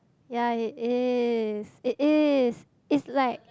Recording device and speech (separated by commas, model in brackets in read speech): close-talking microphone, conversation in the same room